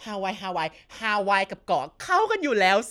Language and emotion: Thai, happy